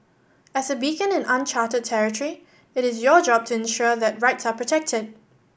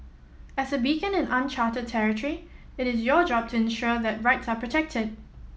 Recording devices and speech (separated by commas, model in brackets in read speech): boundary microphone (BM630), mobile phone (iPhone 7), read sentence